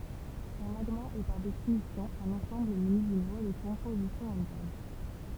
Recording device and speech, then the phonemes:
temple vibration pickup, read sentence
œ̃ maɡma ɛ paʁ definisjɔ̃ œ̃n ɑ̃sɑ̃bl myni dyn lwa də kɔ̃pozisjɔ̃ ɛ̃tɛʁn

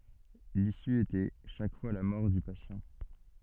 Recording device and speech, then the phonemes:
soft in-ear microphone, read sentence
lisy etɛ ʃak fwa la mɔʁ dy pasjɑ̃

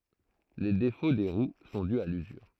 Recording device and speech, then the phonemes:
throat microphone, read sentence
le defo de ʁw sɔ̃ dy a lyzyʁ

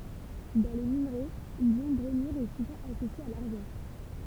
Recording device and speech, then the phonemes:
temple vibration pickup, read sentence
dɑ̃ le minʁɛ ljɔ̃ bʁomyʁ ɛ suvɑ̃ asosje a laʁʒɑ̃

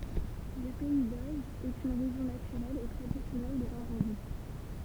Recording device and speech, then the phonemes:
temple vibration pickup, read sentence
lə pɛi doʒ ɛt yn ʁeʒjɔ̃ natyʁɛl e tʁadisjɔnɛl də nɔʁmɑ̃di

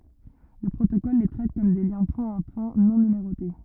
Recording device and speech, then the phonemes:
rigid in-ear microphone, read sentence
lə pʁotokɔl le tʁɛt kɔm de ljɛ̃ pwɛ̃tapwɛ̃ nɔ̃ nymeʁote

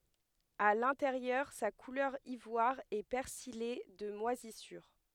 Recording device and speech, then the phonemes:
headset microphone, read sentence
a lɛ̃teʁjœʁ sa kulœʁ ivwaʁ ɛ pɛʁsije də mwazisyʁ

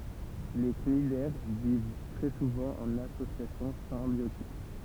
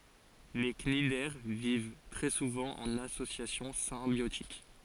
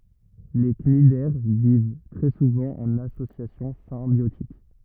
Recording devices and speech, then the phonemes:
temple vibration pickup, forehead accelerometer, rigid in-ear microphone, read sentence
le knidɛʁ viv tʁɛ suvɑ̃ ɑ̃n asosjasjɔ̃ sɛ̃bjotik

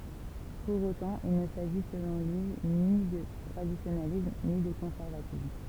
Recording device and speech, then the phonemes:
temple vibration pickup, read sentence
puʁ otɑ̃ il nə saʒi səlɔ̃ lyi ni də tʁadisjonalism ni də kɔ̃sɛʁvatism

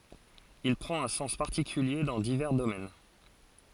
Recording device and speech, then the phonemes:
forehead accelerometer, read sentence
il pʁɑ̃t œ̃ sɑ̃s paʁtikylje dɑ̃ divɛʁ domɛn

